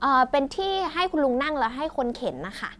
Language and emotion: Thai, neutral